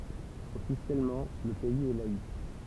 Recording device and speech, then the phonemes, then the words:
temple vibration pickup, read sentence
ɔfisjɛlmɑ̃ lə pɛiz ɛ laik
Officiellement, le pays est laïque.

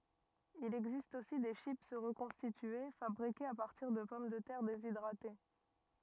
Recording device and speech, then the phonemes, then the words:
rigid in-ear microphone, read sentence
il ɛɡzist osi de ʃip ʁəkɔ̃stitye fabʁikez a paʁtiʁ də pɔm də tɛʁ dezidʁate
Il existe aussi des chips reconstituées, fabriquées à partir de pommes de terre déshydratées.

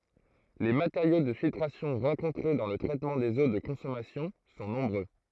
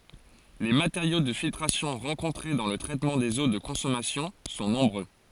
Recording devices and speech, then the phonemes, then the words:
throat microphone, forehead accelerometer, read sentence
le mateʁjo də filtʁasjɔ̃ ʁɑ̃kɔ̃tʁe dɑ̃ lə tʁɛtmɑ̃ dez o də kɔ̃sɔmasjɔ̃ sɔ̃ nɔ̃bʁø
Les matériaux de filtration rencontrés dans le traitement des eaux de consommation sont nombreux.

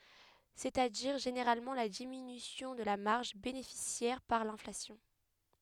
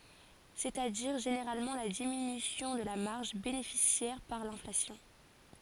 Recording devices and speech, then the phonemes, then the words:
headset microphone, forehead accelerometer, read sentence
sɛt a diʁ ʒeneʁalmɑ̃ la diminysjɔ̃ də la maʁʒ benefisjɛʁ paʁ lɛ̃flasjɔ̃
C'est-à-dire, généralement la diminution de la marge bénéficiaire par l'inflation.

